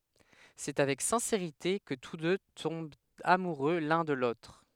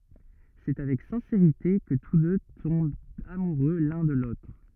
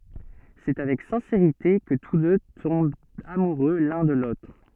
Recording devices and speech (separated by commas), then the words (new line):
headset microphone, rigid in-ear microphone, soft in-ear microphone, read sentence
C’est avec sincérité que tous deux tombent amoureux l'un de l'autre.